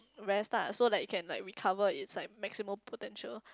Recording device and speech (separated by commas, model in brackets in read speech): close-talking microphone, conversation in the same room